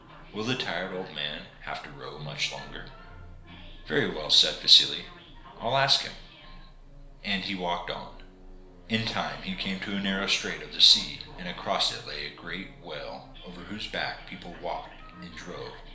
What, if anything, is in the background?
A television.